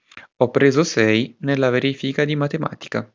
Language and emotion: Italian, neutral